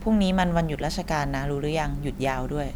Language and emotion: Thai, neutral